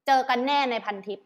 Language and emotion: Thai, neutral